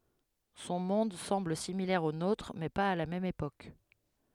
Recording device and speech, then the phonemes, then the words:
headset microphone, read sentence
sɔ̃ mɔ̃d sɑ̃bl similɛʁ o notʁ mɛ paz a la mɛm epok
Son monde semble similaire au nôtre, mais pas à la même époque.

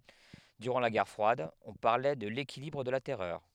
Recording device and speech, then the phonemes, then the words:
headset microphone, read sentence
dyʁɑ̃ la ɡɛʁ fʁwad ɔ̃ paʁlɛ də lekilibʁ də la tɛʁœʁ
Durant la guerre froide, on parlait de l'équilibre de la terreur.

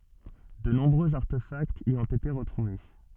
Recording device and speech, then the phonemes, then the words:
soft in-ear microphone, read sentence
də nɔ̃bʁøz aʁtefaktz i ɔ̃t ete ʁətʁuve
De nombreux artefacts y ont été retrouvés.

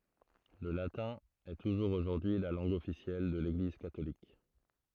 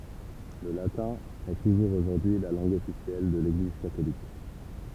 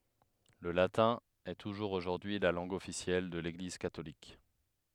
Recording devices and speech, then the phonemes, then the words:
throat microphone, temple vibration pickup, headset microphone, read sentence
lə latɛ̃ ɛ tuʒuʁz oʒuʁdyi y la lɑ̃ɡ ɔfisjɛl də leɡliz katolik
Le latin est toujours aujourd'hui la langue officielle de l'Église catholique.

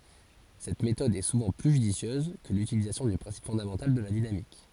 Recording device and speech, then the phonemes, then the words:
forehead accelerometer, read sentence
sɛt metɔd ɛ suvɑ̃ ply ʒydisjøz kə lytilizasjɔ̃ dy pʁɛ̃sip fɔ̃damɑ̃tal də la dinamik
Cette méthode est souvent plus judicieuse que l'utilisation du principe fondamental de la dynamique.

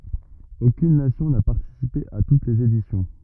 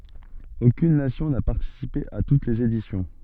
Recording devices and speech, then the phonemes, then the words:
rigid in-ear microphone, soft in-ear microphone, read sentence
okyn nasjɔ̃ na paʁtisipe a tut lez edisjɔ̃
Aucune nation n'a participé à toutes les éditions.

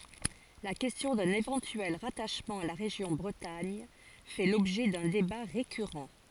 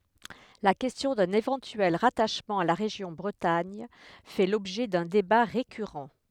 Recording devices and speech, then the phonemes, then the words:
forehead accelerometer, headset microphone, read sentence
la kɛstjɔ̃ dœ̃n evɑ̃tyɛl ʁataʃmɑ̃ a la ʁeʒjɔ̃ bʁətaɲ fɛ lɔbʒɛ dœ̃ deba ʁekyʁɑ̃
La question d'un éventuel rattachement à la région Bretagne fait l'objet d'un débat récurrent.

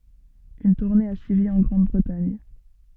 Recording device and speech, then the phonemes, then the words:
soft in-ear microphone, read sentence
yn tuʁne a syivi ɑ̃ ɡʁɑ̃dbʁətaɲ
Une tournée a suivi en Grande-Bretagne.

